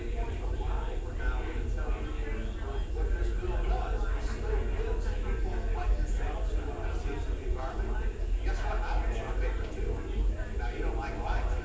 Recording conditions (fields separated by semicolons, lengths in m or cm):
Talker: no one; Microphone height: 1.7 m; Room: large; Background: babble